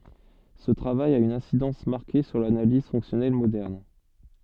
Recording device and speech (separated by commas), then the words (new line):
soft in-ear microphone, read sentence
Ce travail a une incidence marquée sur l'analyse fonctionnelle moderne.